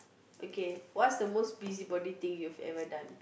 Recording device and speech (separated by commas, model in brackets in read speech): boundary microphone, conversation in the same room